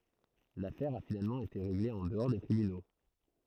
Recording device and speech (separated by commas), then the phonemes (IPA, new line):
throat microphone, read sentence
lafɛʁ a finalmɑ̃ ete ʁeɡle ɑ̃ dəɔʁ de tʁibyno